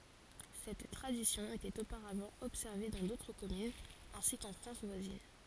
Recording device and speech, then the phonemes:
forehead accelerometer, read sentence
sɛt tʁadisjɔ̃ etɛt opaʁavɑ̃ ɔbsɛʁve dɑ̃ dotʁ kɔmynz ɛ̃si kɑ̃ fʁɑ̃s vwazin

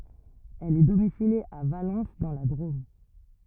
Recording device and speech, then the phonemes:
rigid in-ear microphone, read sentence
ɛl ɛ domisilje a valɑ̃s dɑ̃ la dʁom

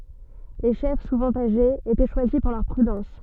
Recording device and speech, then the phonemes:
soft in-ear microphone, read sentence
le ʃɛf suvɑ̃ aʒez etɛ ʃwazi puʁ lœʁ pʁydɑ̃s

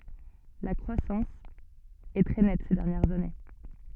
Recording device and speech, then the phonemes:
soft in-ear microphone, read sentence
la kʁwasɑ̃s ɛ tʁɛ nɛt se dɛʁnjɛʁz ane

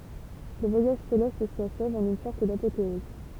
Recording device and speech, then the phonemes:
temple vibration pickup, read sentence
lə vwajaʒ selɛst si aʃɛv ɑ̃n yn sɔʁt dapoteɔz

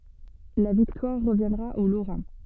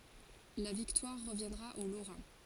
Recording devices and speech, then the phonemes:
soft in-ear microphone, forehead accelerometer, read sentence
la viktwaʁ ʁəvjɛ̃dʁa o loʁɛ̃

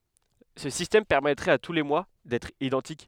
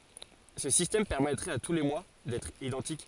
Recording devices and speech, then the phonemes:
headset microphone, forehead accelerometer, read sentence
sə sistɛm pɛʁmɛtʁɛt a tu le mwa dɛtʁ idɑ̃tik

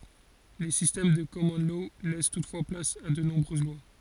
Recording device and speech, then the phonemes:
forehead accelerometer, read sentence
le sistɛm də kɔmɔn lɔ lɛs tutfwa plas a də nɔ̃bʁøz lwa

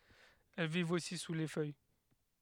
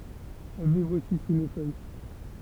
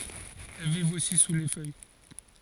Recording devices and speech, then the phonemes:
headset microphone, temple vibration pickup, forehead accelerometer, read sentence
ɛl vivt osi su le fœj

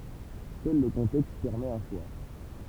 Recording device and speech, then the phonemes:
temple vibration pickup, read sentence
sœl lə kɔ̃tɛkst pɛʁmɛt œ̃ ʃwa

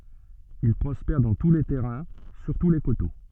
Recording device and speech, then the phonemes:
soft in-ear microphone, read sentence
il pʁɔspɛʁ dɑ̃ tu le tɛʁɛ̃ syʁtu le koto

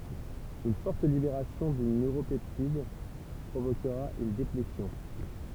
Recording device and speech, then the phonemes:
temple vibration pickup, read sentence
yn fɔʁt libeʁasjɔ̃ dyn nøʁopɛptid pʁovokʁa yn deplesjɔ̃

